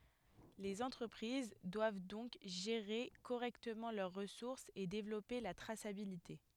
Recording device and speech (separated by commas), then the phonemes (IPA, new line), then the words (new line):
headset microphone, read sentence
lez ɑ̃tʁəpʁiz dwav dɔ̃k ʒeʁe koʁɛktəmɑ̃ lœʁ ʁəsuʁsz e devlɔpe la tʁasabilite
Les entreprises doivent donc gérer correctement leurs ressources et développer la traçabilité.